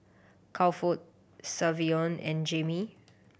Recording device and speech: boundary microphone (BM630), read sentence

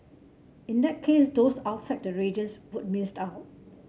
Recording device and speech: mobile phone (Samsung C7), read sentence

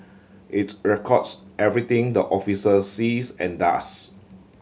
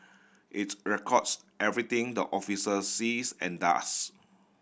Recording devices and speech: mobile phone (Samsung C7100), boundary microphone (BM630), read sentence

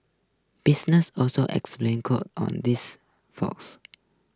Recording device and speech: close-talking microphone (WH20), read sentence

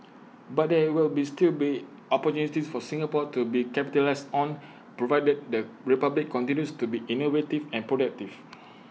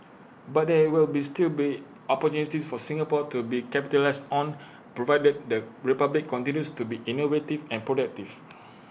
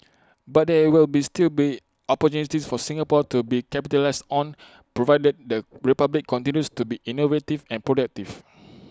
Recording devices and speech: mobile phone (iPhone 6), boundary microphone (BM630), close-talking microphone (WH20), read sentence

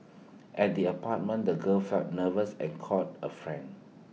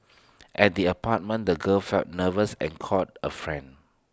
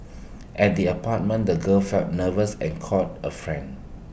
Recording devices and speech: mobile phone (iPhone 6), standing microphone (AKG C214), boundary microphone (BM630), read sentence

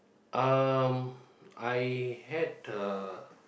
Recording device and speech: boundary microphone, conversation in the same room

